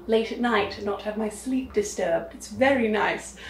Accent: in an English accent